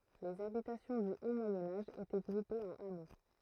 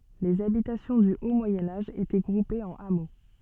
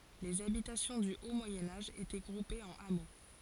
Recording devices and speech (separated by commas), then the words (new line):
throat microphone, soft in-ear microphone, forehead accelerometer, read sentence
Les habitations du haut Moyen Âge étaient groupées en hameaux.